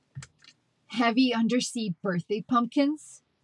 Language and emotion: English, angry